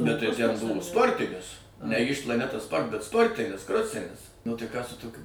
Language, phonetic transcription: Lithuanian, bet tai ˈten ˈbuvo ˈsportinis ne ˈyž plaˈneta ˈsport bet ˈsportinis ˈkrosinis nu tai ˈką su ˈtokiu

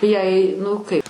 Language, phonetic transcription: Lithuanian, jei ˈnu kaip

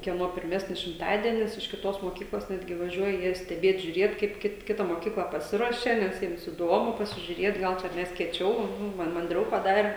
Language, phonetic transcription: Lithuanian, kieˈno pirˈmesnis šimˈtadienis iš kiˈtos moˈkyklos ˈnetgi vaˈžiuoja ˈjie steˈbėt žiuˈrėt kaip ˈkit ˈkita moˈkyklą paˈsiruošia ˈnes ˈjiems iˈdomu pasižiuˈrėt ˈgal čia ˈmes kieˈčiau ˈman manˈdriau paˈdare

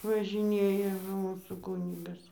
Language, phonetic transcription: Lithuanian, važiˈnėja nu ˈmūsų ˈkūnigas

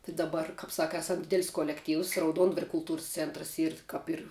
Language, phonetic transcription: Lithuanian, tai daˈbar kap ˈsaka ˈasam ˈdidel's' kolekˈtyvs rauˈduondvaria kulˈtūrs ˈcentrs ˈyr kap ˈir

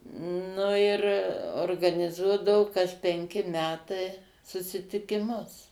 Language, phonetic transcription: Lithuanian, ˈnu ir organiˈzuodavu daug kas penˈki ˈmetai susitikiˈmus

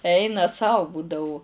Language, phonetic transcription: Lithuanian, ˈeina ˈsau ˈbūdau

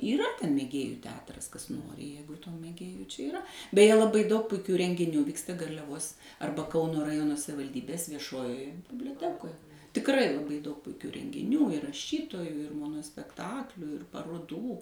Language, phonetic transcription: Lithuanian, yˈra ˈten mėˈgėju ˈteatras ˈkas ˈjeigu tų mėˈgėju čia iˈra beˈje laˈbai daug puiˈkių rengiˈnių ˈvyksta garliaˈvos ˈarba ˈkauno raˈjono savivalˈdybės vieˈšojoje biblioˈtekoj tikˈrai laˈbai daug puiˈkių rengiˈnių ir raˈšytojų ir monospekˈtaklių ir paroˈdų

